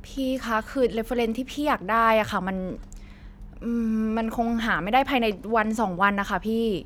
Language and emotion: Thai, frustrated